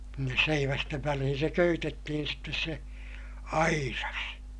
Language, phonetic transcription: Finnish, sinnes seivästev välihin̬ se köytettihin sittes se , airas .
- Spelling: sinne seivästen väliin se köytettiin sitten se aidas

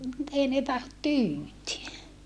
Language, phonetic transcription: Finnish, nyt ‿ei ne tahot tyyt(yä) .
- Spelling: nyt ei ne tahdo tyytyä

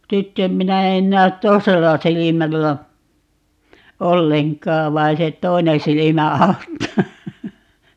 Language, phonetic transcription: Finnish, ('sitt ‿em) 'minä en näät "toisella 'silimällä , "olleŋk̀aav 'vai se "t̀oi̮ne 'silimä 'au̬ttaa .
- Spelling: sitten en minä en näe toisella silmällä ollenkaan vaan se toinen silmä auttaa

